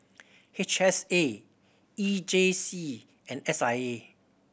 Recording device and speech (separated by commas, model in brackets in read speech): boundary microphone (BM630), read sentence